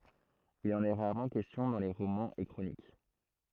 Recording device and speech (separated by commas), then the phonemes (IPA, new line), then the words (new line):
throat microphone, read sentence
il ɑ̃n ɛ ʁaʁmɑ̃ kɛstjɔ̃ dɑ̃ le ʁomɑ̃z e kʁonik
Il en est rarement question dans les romans et chroniques.